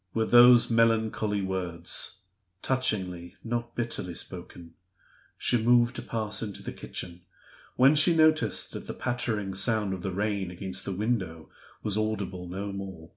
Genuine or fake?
genuine